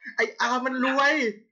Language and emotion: Thai, happy